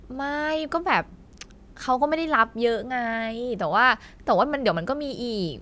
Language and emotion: Thai, frustrated